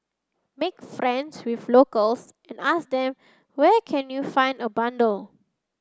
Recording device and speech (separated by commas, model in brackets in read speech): standing microphone (AKG C214), read sentence